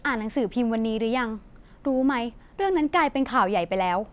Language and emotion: Thai, neutral